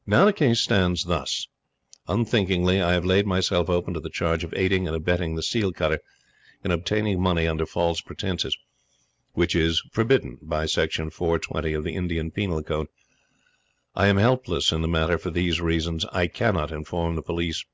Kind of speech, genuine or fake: genuine